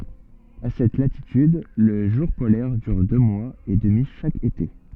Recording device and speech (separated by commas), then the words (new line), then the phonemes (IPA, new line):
soft in-ear microphone, read sentence
À cette latitude, le jour polaire dure deux mois et demi chaque été.
a sɛt latityd lə ʒuʁ polɛʁ dyʁ dø mwaz e dəmi ʃak ete